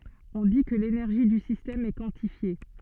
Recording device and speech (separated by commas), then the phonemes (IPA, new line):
soft in-ear microphone, read sentence
ɔ̃ di kə lenɛʁʒi dy sistɛm ɛ kwɑ̃tifje